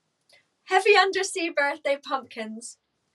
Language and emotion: English, happy